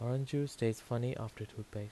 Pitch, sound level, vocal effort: 120 Hz, 79 dB SPL, soft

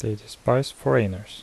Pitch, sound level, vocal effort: 110 Hz, 76 dB SPL, soft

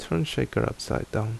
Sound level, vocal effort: 72 dB SPL, soft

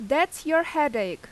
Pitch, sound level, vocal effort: 315 Hz, 90 dB SPL, very loud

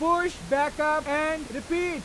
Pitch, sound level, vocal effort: 305 Hz, 100 dB SPL, loud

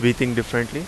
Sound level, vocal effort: 82 dB SPL, very loud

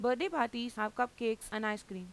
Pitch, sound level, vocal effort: 225 Hz, 90 dB SPL, normal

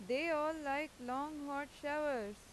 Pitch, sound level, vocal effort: 285 Hz, 92 dB SPL, loud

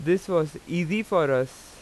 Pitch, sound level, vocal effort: 175 Hz, 91 dB SPL, loud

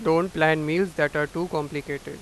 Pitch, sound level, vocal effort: 155 Hz, 94 dB SPL, loud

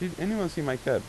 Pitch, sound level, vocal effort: 175 Hz, 87 dB SPL, normal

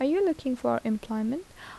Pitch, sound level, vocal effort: 260 Hz, 78 dB SPL, soft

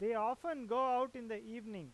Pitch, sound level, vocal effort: 235 Hz, 98 dB SPL, loud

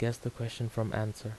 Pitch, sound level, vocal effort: 115 Hz, 77 dB SPL, soft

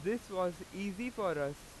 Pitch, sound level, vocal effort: 185 Hz, 93 dB SPL, very loud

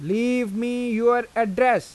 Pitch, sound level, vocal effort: 240 Hz, 94 dB SPL, loud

